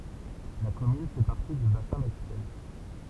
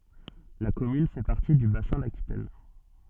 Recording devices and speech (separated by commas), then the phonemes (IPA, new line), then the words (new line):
temple vibration pickup, soft in-ear microphone, read sentence
la kɔmyn fɛ paʁti dy basɛ̃ dakitɛn
La commune fait partie du Bassin d'Aquitaine.